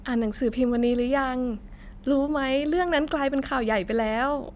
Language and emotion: Thai, happy